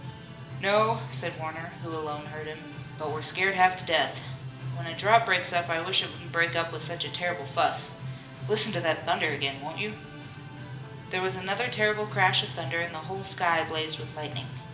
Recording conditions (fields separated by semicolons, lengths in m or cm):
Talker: one person; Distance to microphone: 1.8 m; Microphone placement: close; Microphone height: 1.0 m; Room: large; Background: music